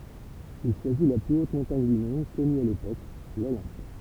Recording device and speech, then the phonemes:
temple vibration pickup, read sentence
il ʃwazi la ply ot mɔ̃taɲ dy mɔ̃d kɔny a lepok lolɛ̃p

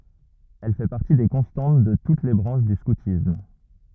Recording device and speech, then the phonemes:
rigid in-ear microphone, read sentence
ɛl fɛ paʁti de kɔ̃stɑ̃t də tut le bʁɑ̃ʃ dy skutism

